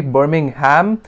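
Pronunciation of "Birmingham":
'Birmingham' is pronounced incorrectly here.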